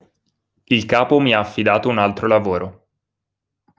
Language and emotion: Italian, neutral